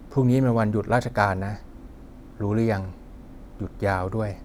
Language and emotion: Thai, neutral